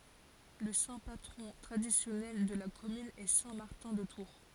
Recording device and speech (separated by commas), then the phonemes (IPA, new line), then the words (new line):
forehead accelerometer, read sentence
lə sɛ̃ patʁɔ̃ tʁadisjɔnɛl də la kɔmyn ɛ sɛ̃ maʁtɛ̃ də tuʁ
Le saint patron traditionnel de la commune est saint Martin de Tours.